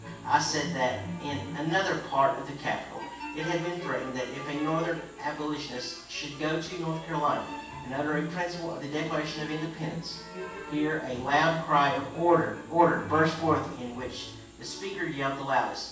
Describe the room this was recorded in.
A large room.